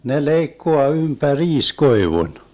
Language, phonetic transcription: Finnish, ne 'leikkoa ympä'riis 'koivun .
- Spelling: ne leikkaa ympäriinsä koivun

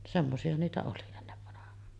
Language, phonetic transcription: Finnish, 'semmosi₍a niitä oli ennevvanah̀aan .
- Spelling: semmoisia niitä oli ennen vanhaan

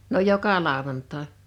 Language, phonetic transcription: Finnish, no 'joka 'làowantàe .
- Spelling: no joka lauantai

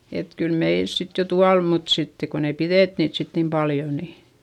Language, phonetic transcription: Finnish, et kyl meils sit jo tual mut sitte kon ‿ei pirèt niit sit nim paljo ni ,.
- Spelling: että kyllä meillä sitten jo tuolla mutta sitten kun ei pidetty niitä sitten niin paljon niin

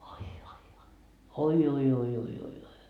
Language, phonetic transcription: Finnish, 'oi oi oi , 'oi oi oi oi oi .
- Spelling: oi oi oi oi oi oi oi oi

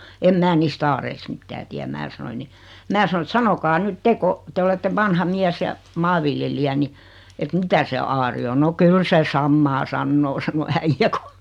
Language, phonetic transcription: Finnish, 'em "mää 'niis"t ‿aareist 'mittää tiäm 'mää sanoiᵑ ni , 'mää sano et » "sanokaa 'nyt "te ko , 'te olette 'vanha 'miäs ja , "maaviljelijä ni , et "mitä se 'aari o « » no "kyl 'se "sammaa "sannoo « sano 'äijjä ku ,.
- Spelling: en minä niistä aareista mitään tiedä minä sanoin niin minä sanoi että sanokaa nyt te kun te olette vanha mies ja maanviljelijä niin että mitä se aari on no kyllä se samaa sanoo sanoi äijä kun

